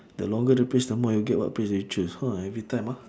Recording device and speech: standing microphone, conversation in separate rooms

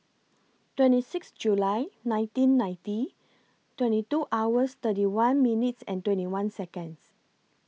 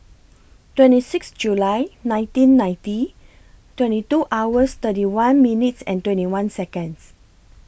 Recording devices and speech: mobile phone (iPhone 6), boundary microphone (BM630), read sentence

